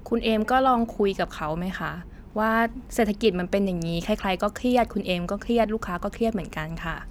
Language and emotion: Thai, neutral